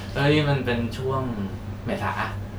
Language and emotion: Thai, happy